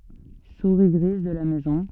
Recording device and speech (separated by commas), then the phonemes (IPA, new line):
soft in-ear microphone, read sentence
suʁi ɡʁiz də la mɛzɔ̃